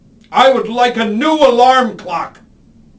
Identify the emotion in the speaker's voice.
angry